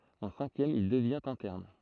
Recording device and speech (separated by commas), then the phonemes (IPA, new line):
throat microphone, read sentence
ɑ̃ sɛ̃kjɛm il dəvjɛ̃t ɛ̃tɛʁn